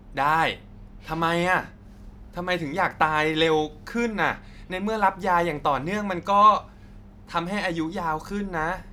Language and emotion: Thai, frustrated